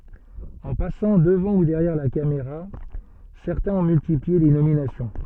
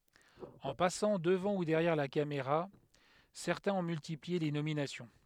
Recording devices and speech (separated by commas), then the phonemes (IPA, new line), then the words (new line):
soft in-ear microphone, headset microphone, read sentence
ɑ̃ pasɑ̃ dəvɑ̃ u dɛʁjɛʁ la kameʁa sɛʁtɛ̃z ɔ̃ myltiplie le nominasjɔ̃
En passant devant ou derrière la caméra, certains ont multiplié les nominations.